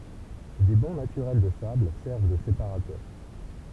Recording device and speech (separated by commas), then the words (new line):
temple vibration pickup, read sentence
Des bancs naturels de sable servent de séparateurs.